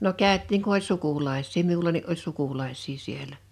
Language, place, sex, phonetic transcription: Finnish, Liperi, female, no "kä̀öt̆tiiŋ ku ‿oĺ "sukulais̆sii 'miulani ’oĺ "sukulais̆sii 'sielä .
- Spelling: no käytiin kun oli sukulaisia minullakin oli sukulaisia siellä

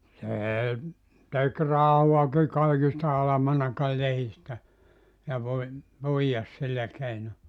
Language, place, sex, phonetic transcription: Finnish, Joutsa, male, "se , tek "rahuaki 'kaikis 'alamanakal 'lehistä , ja voi- , 'puijas 'sillä keino .
- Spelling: se teki rahaakin kaikista almanakan lehdistä ja - puijasi sillä keinoin

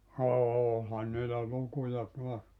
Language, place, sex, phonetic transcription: Finnish, Joutsa, male, "oolhan niilä 'lukuja 'tuas .
- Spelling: olihan niillä lukuja taas

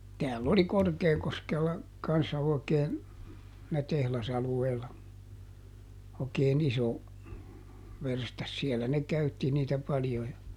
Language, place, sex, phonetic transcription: Finnish, Juupajoki, male, ˈtääll ‿oli ˈKorkeekoskella , kanssa oikeen , [sii]nä ˈtehlasalueella , òⁱkee"n ‿iso , ˈverstas - ˈsiɛllä ne ˈkäytti niitä paljo ja ,.
- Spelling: täällä oli Korkeakoskella kanssa oikein siinä tehdasalueella oikein iso verstas siellä ne käytti niitä paljon ja

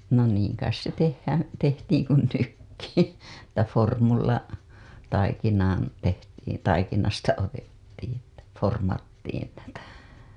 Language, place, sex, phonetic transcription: Finnish, Hailuoto, female, no 'niiŋ kais se 'tehhään̬ , 'tehtiiŋ kun 'nykki , että 'formulla , taikinaan , tehtiin , taikinasta otettiiḭ että , 'formattiin (tätä) .
- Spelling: no niin kai se tehdään tehtiin kuin nytkin että vormulla taikinaan tehtiin taikinasta otettiin että vormattiin tätä

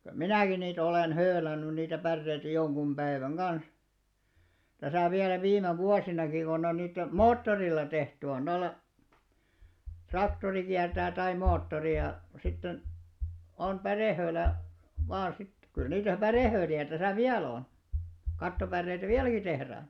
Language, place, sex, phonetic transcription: Finnish, Alastaro, male, kyl 'minäkin niit ‿olèn "höölänny niitä 'pärreitä 'joŋɢum "ʙäiväŋ "ɢans , täsä̀ 'viälä 'viime "vuasinaki kon ‿on 'nyt , "moottorilla tehty on 'noilla , 'traktori kiärtää tai 'moottori ja , sitten , on "pärèhöölä , vaa sit , kyl niitä "pärèhööli₍ä täsä "viäl ‿on , 'kattopärreitᵃ̈ "viäläki tehräää̰ .
- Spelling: kyllä minäkin niitä olen höylännyt niitä päreitä jonkun päivän kanssa tässä vielä viime vuosinakin kun on nyt moottorilla tehty on noilla traktori kiertää tai moottori ja sitten on pärehöylä vain sitten kyllä niitä pärehöyliä tässä vielä on kattopäreitä vieläkin tehdään

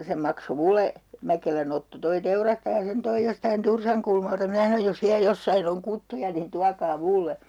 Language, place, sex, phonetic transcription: Finnish, Urjala, female, se 'makso 'mule , 'Mäkelän ‿Otto toi 'teurastaja sen 'toij 'jostain "Tursaŋkulmalta 'minä sanoj » jos 'viä 'jossain ‿oŋ 'kuttuja nin 'tuakaa "mulle » .
- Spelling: se maksoi minulle Mäkelän Otto tuo teurastaja sen toi jostakin Tursankulmalta minä sanoin jos vielä jossakin on kuttuja niin tuokaa minulle

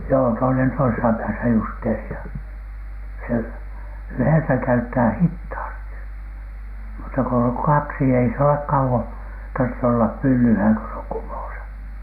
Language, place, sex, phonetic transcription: Finnish, Alatornio, male, joo , toinen toisesa pääsä 'justeeri₍a , se , 'yhèsä käyttää "hithaasti , mutta ko oŋ "kaksi ei s ‿ole 'kauwon , tartte ollap 'pyllylhä̀ŋ ko s ‿oŋ "kumòsA .
- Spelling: joo toinen toisessa päässä justeeria se yhdessä käyttää hitaasti mutta kun on kaksi ei se ole kauan tarvitse olla pyllyllään kun se on kumossa

